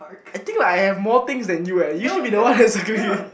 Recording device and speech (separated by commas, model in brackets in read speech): boundary microphone, conversation in the same room